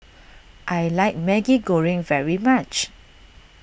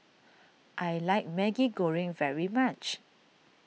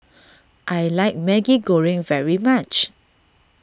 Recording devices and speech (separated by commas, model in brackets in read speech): boundary microphone (BM630), mobile phone (iPhone 6), standing microphone (AKG C214), read sentence